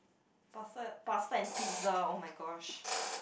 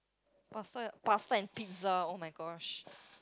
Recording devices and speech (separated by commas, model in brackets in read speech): boundary microphone, close-talking microphone, conversation in the same room